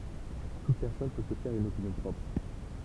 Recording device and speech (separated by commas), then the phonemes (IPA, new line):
temple vibration pickup, read sentence
tut pɛʁsɔn pø sə fɛʁ yn opinjɔ̃ pʁɔpʁ